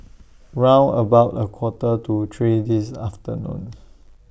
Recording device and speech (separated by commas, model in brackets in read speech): boundary microphone (BM630), read sentence